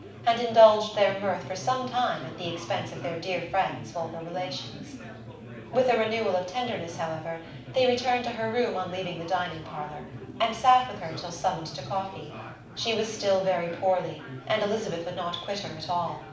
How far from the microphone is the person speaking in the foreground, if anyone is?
5.8 m.